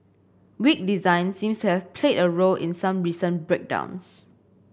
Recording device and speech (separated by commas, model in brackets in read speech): boundary microphone (BM630), read sentence